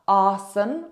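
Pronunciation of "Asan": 'Asan' is said with the final a dropped, and the stress falls on the first part of the word.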